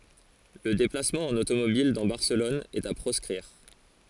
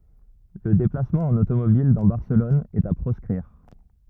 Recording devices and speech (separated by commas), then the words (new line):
forehead accelerometer, rigid in-ear microphone, read sentence
Le déplacement en automobile dans Barcelone est à proscrire.